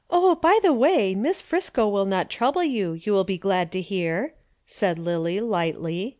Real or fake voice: real